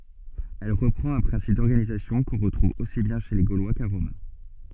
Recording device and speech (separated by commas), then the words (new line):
soft in-ear microphone, read sentence
Elle reprend un principe d'organisation qu'on retrouve aussi bien chez les Gaulois qu'à Rome.